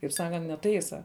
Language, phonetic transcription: Lithuanian, kaip ˈsakant neˈtaisa

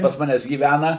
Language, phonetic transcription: Lithuanian, pas ˈmanęs gyˈvæna

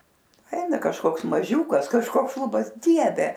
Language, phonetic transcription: Lithuanian, ˈeina kažˈkoks maˈžiūkas kažˈkoks ˈšlubas ˈdieve

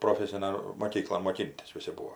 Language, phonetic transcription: Lithuanian, proˈfesinan moˈkyklon moˈkintis ˈvisi ˈbūo

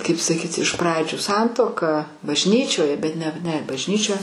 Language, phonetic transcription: Lithuanian, ˈkaip saˈkyti iš ˈpradžių ˈsantuoka bažˈnyčioje bet ˈne ne bažˈnyčioje

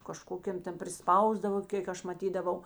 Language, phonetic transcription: Lithuanian, kaˈžkokėm ˈten priˈspausdavo ˈkėk aš maˈtydavau

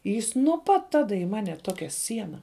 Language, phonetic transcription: Lithuanian, ˈjis nuo ˈpat ˈtada i ˈmane ˈtokia ˈsiena

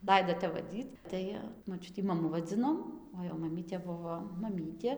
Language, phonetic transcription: Lithuanian, ˈlaido ˈtep vaˈdyt ˈtai moˈčiutį maˈmu vaˈdzinom o jau maˈmytė ˈbuvo maˈmytė

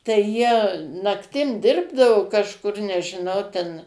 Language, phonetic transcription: Lithuanian, tai jie nakˈtim ˈdirbdavo kažˈkur nežiˈnau ten

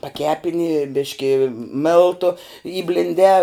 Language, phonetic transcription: Lithuanian, paˈkepini ˈbiški ˈmėltu įblinˈdē

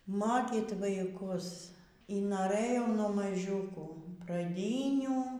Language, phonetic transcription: Lithuanian, ˈmokyt vaiˈkus y noˈrɘjau nuo maˈžiūkų praˈdynių

